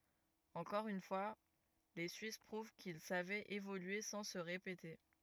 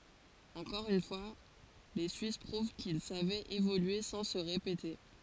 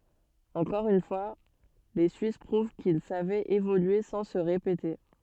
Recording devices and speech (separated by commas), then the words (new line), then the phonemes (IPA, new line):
rigid in-ear microphone, forehead accelerometer, soft in-ear microphone, read sentence
Encore une fois, les suisses prouvent qu'ils savaient évoluer sans se répéter.
ɑ̃kɔʁ yn fwa le syis pʁuv kil savɛt evolye sɑ̃ sə ʁepete